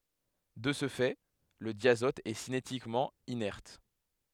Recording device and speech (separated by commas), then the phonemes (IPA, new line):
headset microphone, read sentence
də sə fɛ lə djazɔt ɛ sinetikmɑ̃ inɛʁt